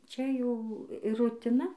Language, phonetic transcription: Lithuanian, ˈčia ˈjau i rutiˈna

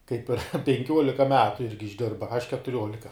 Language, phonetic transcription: Lithuanian, ˈkaip penˈkiuolika ˈmetu ˈirgi išˈdirba aš ketuˈriolika

